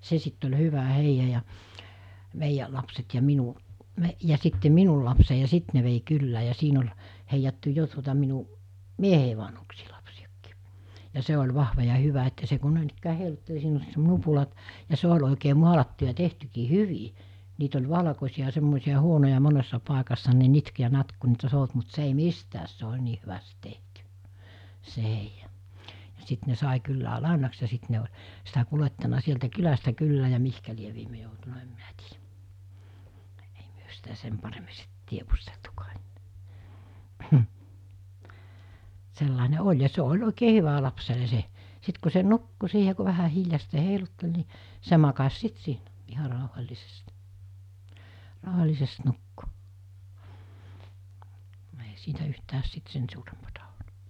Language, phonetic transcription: Finnish, 'se sitt ‿oĺ 'hyvä 'heija ja , 'meijä , lapset ja 'minu , 'me- , ja sitte 'minul lapsei ja 'sit ne vei 'kyllää ja 'siin ‿ol̜ , heijattu 'jo tuota minu , "miehei vanhuksii lapsi₍akkii , ja 'se ol̜ 'vahva ja 'hyvä että se ku 'nòinikkää 'heiluttel siin ‿oĺ 'nupulat , ja 'se oĺ òikee 'mualattu ja 'tehtykii "hyvi , 'niit ‿oĺ 'vᵃlakosiʲa ( ‿a) 'semmòisiʲa 'huonoja 'monessa 'pàekassa ne 'nitk ja 'natk ku niitä 'sout mut 'se ei "mistääs se oĺ 'nii hyväst(ɪ) 'tehty , se 'heija , ja 'sit ne 'sài 'kyllä "làenaks ja 'sit ne oĺ , sitä 'kulettana 'sieltä 'kylästä 'kyllää ja 'mihkä liev̆ viirne joutuna 'em minᴀ̈ tɪɪᴊᴀ̈ , ᴇɪ ᴍʏᴏ̈ sitä 'sem paremi sɪt 'tievusteltukᴀᴀ ᴇɴ[ää] , 'sellàine "oĺ ja 'se oĺ 'òikee "hyvä 'lapsele 'se , 'sit ku se "nukku 'siihe ku 'vähä 'hiljastee 'heiluttel ni , 'se makas 'sit siinä , 'iha ràuhal̜lisest , 'ràuhal̜lisest 'nukku , ei 'siitä yhtääs sit 'sen suurempᴀtᴀ ᴏl(t) .
- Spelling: se sitten oli hyvä heija ja meidän lapset ja minun - ja sitten minun lapseni ja sitten ne vei kylään ja siinä oli heijattu jo tuota minun mieheni vanhuksien lapsinakin ja se oli vahva ja hyvä että se kun noinikään heilutteli siinä oli nupulat ja se oli oikein maalattu ja tehtykin hyvin niitä oli valkoisia ja semmoisia huonoja monessa paikassa ne nitkui ja natkui kun niitä souti mutta se ei mitään se oli niin hyvästi tehty se heija ja sitten ne sai kyllä lainaksi ja sitten ne oli sitä kuljettanut sieltä kylästä kylään ja mihin lie viimein joutunut en minä tiedä ei me sitä sen paremmin sitten tiedusteltukaan enää sellainen oli ja se oli oikein hyvä lapselle se sitten kun se nukkui siihen kun vähän hiljaisesti heilutteli niin se makasi sitten siinä ihan rauhallisesti rauhallisesti nukkui ei siitä yhtään sitten sen suurempaa ollut

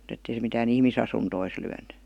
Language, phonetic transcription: Finnish, m̥t ‿ettei se mitää"n ‿ihmisasuntois lyäny .
- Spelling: mutta että ei se mitään ihmisasuntoihin lyönyt

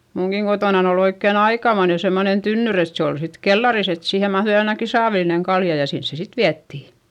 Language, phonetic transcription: Finnish, muŋkiŋ Gotònan ‿ol ‿oikken ‿aikamoine semmonen tynnyr ‿et se ol sit kellaris ‿et siihe mahδui ainaki saavilineŋ kalja ja sins se sit viättì .
- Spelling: minunkin kotonani oli oikein aikamoinen semmoinen tynnyri että se oli sitten kellarissa että siihen mahtui ainakin saavillinen kaljaa ja sinne se sitten vietiin

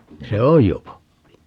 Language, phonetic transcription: Finnish, 'se "oj jo 'pappi .
- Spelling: se on jo pappi

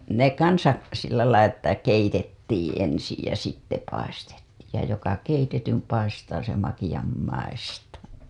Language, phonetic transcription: Finnish, 'ne kansa , sillälai ‿ttä keitettiiḭ ensij ja sitte paistettiij ja » joka 'keitetym paistaa se 'makiʲam maistaa « .
- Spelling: ne kanssa sillä lailla että keitettiin ensin ja sitten paistettiin ja joka keitetyn paistaa se makean maistaa

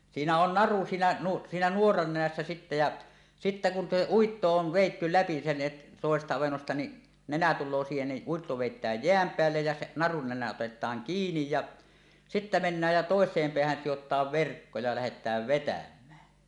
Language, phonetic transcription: Finnish, 'siinä on "naru 'siinä nu- , 'siinä "nuoran 'nenässä sittä ja , sittä kun se "uitto 'on̳ 'vèitty "läpi sen 'et- , tòesesta avennosta ni' , 'nenä tul̆loo siihen ni , 'uitto 'vèit̀ääj "jeäm 'peällej jä se , 'narun nenä otet̀aaŋ "kiinij ja , 'sittä mennääj ja 'tòes̀eem 'peähän sijot̀aav "verkko ja 'lähet̀ääv "vetäm̆mää .
- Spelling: siinä on naru siinä - siinä nuoran nenässä sitten ja sitten kun se uitto on vedetty läpi sen - toisesta avennosta niin nenä tulee siihen niin uitto vedetään jään päälle ja se narun nenä otetaan kiinni ja sitten mennään ja toiseen päähän sidotaan verkko ja lähdetään vetämään

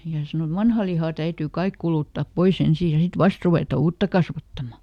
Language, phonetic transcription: Finnish, ja ˈse sano et » "vanha liha täytyy ˈkaik kulùttàp "poiˈs ‿ensii ja ˈsit "vast ruvèta "uutta ˈkasvattama .
- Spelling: ja se sanoi että vanha liha täytyy kaikki kuluttaa pois ensin ja sitten vasta ruveta uutta kasvattamaan

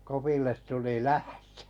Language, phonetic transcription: Finnish, ’Kopille tuli "lähtᴏ̈ .
- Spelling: Kopille tuli lähtö

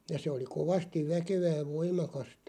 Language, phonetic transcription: Finnish, ja 'se oli "kovastiᵛ 'väkevää (ja) 'voim̆makastᴀ .
- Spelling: ja se oli kovasti väkevää ja voimakasta

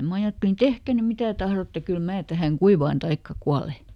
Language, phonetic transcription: Finnish, ˈma ajattelin » "tehkä ny ˈmitä ˈtahrotte kyl ˈmää tähäŋ "kuivaan taikka "kuale » .
- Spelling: minä ajattelin tehkää nyt mitä tahdotte kyllä minä tähän kuivaan tai kuolen

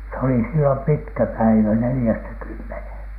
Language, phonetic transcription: Finnish, se oli sillom "pitkä "päivä 'nelⁱjästä 'kymmenhèn .
- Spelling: se oli silloin pitkä päivä neljästä kymmeneen

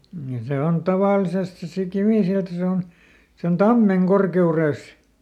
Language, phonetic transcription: Finnish, ja ˈse on "tavàlisest se si- "kivìsilta ˈse on , se on "tammeŋ ˈkorke₍urès .
- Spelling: ja se on tavallisesti se - kivisilta se on se on tammen korkeudessa

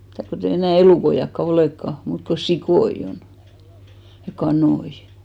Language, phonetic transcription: Finnish, mⁱtä̀ kotei 'enä̀ "elùkoiʲakka "olèkka , 'muut ko "sikoi'ʲ ‿on , ja "kanoi .
- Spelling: mitä kun ei enää elukoitakaan olekaan muuta kuin sikoja on ja kanoja

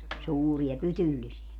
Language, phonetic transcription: Finnish, 'suuri₍a "pytyllisi₍ä .
- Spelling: suuria pytyllisiä

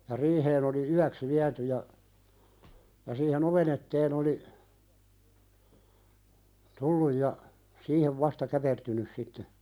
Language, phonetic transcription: Finnish, ja "riiheen ‿oli 'yäks 'viäty ja , ja siihe"n ‿oven ‿etteen ‿oli , 'tulluj ja , "siihev vasta 'käpertynys sitte .
- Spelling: ja riiheen oli yöksi viety ja ja siihen oven eteen oli tullut ja siihen vasta käpertynyt sitten

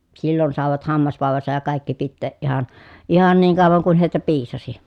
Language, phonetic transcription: Finnish, sillon sàevat hammasvàevasaj ja kàikki pitteeʼ ʼihan , ihan niiŋ kàovaŋ kun hèitä piisasi .
- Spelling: silloin saivat hammasvaivansa ja kaikki pitää ihan ihan niin kauan kuin heitä piisasi

